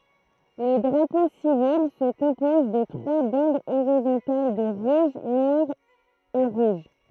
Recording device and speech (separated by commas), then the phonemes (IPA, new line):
throat microphone, read sentence
lə dʁapo sivil sə kɔ̃pɔz də tʁwa bɑ̃dz oʁizɔ̃tal də ʁuʒ nwaʁ e ʁuʒ